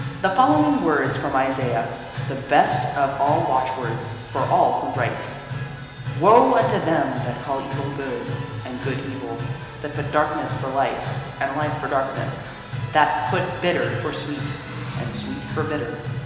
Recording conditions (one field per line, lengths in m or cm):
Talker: one person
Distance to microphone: 1.7 m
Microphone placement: close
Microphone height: 1.0 m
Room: very reverberant, large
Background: music